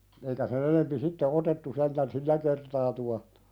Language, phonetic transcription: Finnish, eikä 'sen ‿enempi "sitte 'otettu sentän "sillä kertaa tuahtᴀ .
- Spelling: eikä sen enempi sitten otettu sentään sillä kertaa tuohta

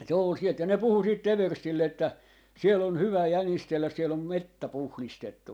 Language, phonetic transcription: Finnish, se ‿ol 'sielt ja 'ne "puhu siit "everstille että , » 'siel ‿on "hyvä̀ "jänistelläs siel ‿om 'mettä "puhlistettu » .
- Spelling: se oli sieltä ja ne puhui sitten everstille että siellä on hyvä jänistellä siellä on metsä puhdistettu

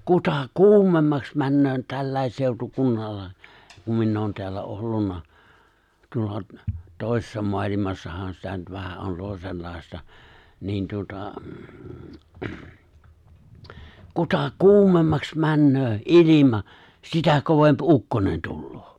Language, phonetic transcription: Finnish, 'kuta "kuumemmaks 'männöö 'tällä̀es 'sèu̬tukunnalla , kum 'minn ‿oon teällä 'ollunna , 'tuolla , 'tòi̬sessa 'moalimassahan sitä nyt vähä ’on 'tòi̬sen̬lài̬sta , 'niin tuota , 'kuta "kuumemmaks 'männöö , "’ilima , 'sitä 'kovemp "’ukkonen tulloo .
- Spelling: kuta kuumemmaksi menee tälläkin seutukunnalla kun minä olen täällä ollut tuolla toisessa maailmassahan sitä nyt vähän on toisenlaista niin tuota kuta kuumemmaksi menee ilma sitä kovempi ukkonen tulee

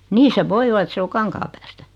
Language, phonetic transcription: Finnish, 'nii se "voi ola et 'se o 'Kaŋkaapäästä .
- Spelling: niin se voi olla että se on Kankaanpäästä

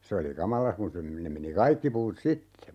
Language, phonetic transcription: Finnish, 'se oli "kamala kun se , 'nem̆ meni "kaikki puut "sitte .
- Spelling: se oli kamala kun se ne meni kaikki puut sitten

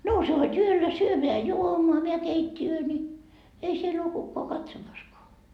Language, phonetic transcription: Finnish, 'nouse hod 'yöllä "syömeä "juomoa meä 'keit́t́i₍öö ńi , 'ei siel ‿oo kukkoa "katsomaskoa .
- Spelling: nouse hod yöllä syömään juomaan meidän keittiöön niin ei siellä ole kukaan katsomassakaan

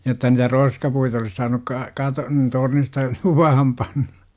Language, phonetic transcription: Finnish, että ni§tä "roskapuit ‿olis 'saanuk ka- , 'katon 'tornista , 'luvaham panNA .
- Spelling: että niitä roskapuita olisi saanut - katon tornista luvaan panna

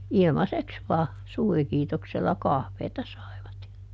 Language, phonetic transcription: Finnish, "ilmaseks "vaa , ˈsuurikiitoksella - ˈkahveeta ˈsai̮vat ja ,.
- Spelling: ilmaiseksi vain suurikiitoksella kahvia saivat ja

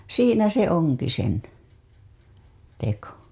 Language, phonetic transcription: Finnish, siinä se 'oŋ-ki sen , teko .
- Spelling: siinä se onkin sen teko

